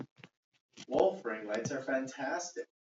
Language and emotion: English, fearful